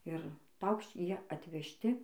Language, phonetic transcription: Lithuanian, ir ˈpaukš'č' ˈjie atvežˈti

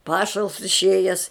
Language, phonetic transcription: Lithuanian, ˈpašals išˈėjes

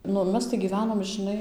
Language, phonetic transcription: Lithuanian, ˈnu ˈmes tai gyˈvenom žɨˈnai

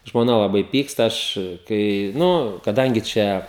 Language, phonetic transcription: Lithuanian, žmoˈna laˈbai ˈpyksta ˈaš kai ˈnu kaˈdangi ˈčia

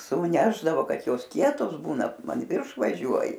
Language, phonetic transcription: Lithuanian, sūˈnešdavo ˈkad ˈjos ˈkietos ˈbūna an ˈvirš vaˈžiuoji

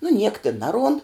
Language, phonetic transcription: Lithuanian, nu niek tin ˈnaˌruond

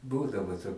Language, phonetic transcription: Lithuanian, ˈbūdavo to

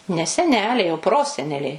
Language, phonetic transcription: Lithuanian, ne seˈneliai o ˈproseneliai

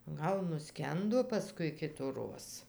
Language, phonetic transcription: Lithuanian, ˈgal nuˈskendo paˈskui kituˈroz

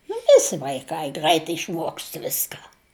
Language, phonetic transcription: Lithuanian, nu ˈvisi vaiˈkai ˈgrəit išˈmuokst ˈviska

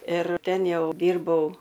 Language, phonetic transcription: Lithuanian, ir ˈten ˈjau ˈdyrbau

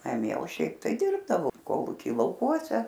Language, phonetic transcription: Lithuanian, naˈmie o ˈšiaip tai ˈdirbdavo ˈkolūky lauˈkuose

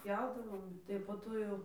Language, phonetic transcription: Lithuanian, ˈpjaudavom tai po ˈto jau

